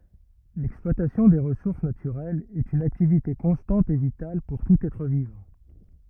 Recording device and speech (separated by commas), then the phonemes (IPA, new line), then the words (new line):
rigid in-ear microphone, read sentence
lɛksplwatasjɔ̃ de ʁəsuʁs natyʁɛlz ɛt yn aktivite kɔ̃stɑ̃t e vital puʁ tut ɛtʁ vivɑ̃
L'exploitation des ressources naturelles est une activité constante et vitale pour tout être vivant.